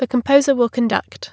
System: none